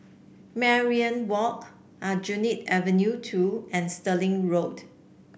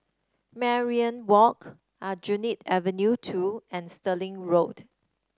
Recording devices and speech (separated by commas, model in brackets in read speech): boundary microphone (BM630), standing microphone (AKG C214), read sentence